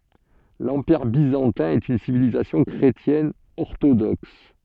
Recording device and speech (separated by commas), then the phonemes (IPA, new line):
soft in-ear microphone, read sentence
lɑ̃piʁ bizɑ̃tɛ̃ ɛt yn sivilizasjɔ̃ kʁetjɛn ɔʁtodɔks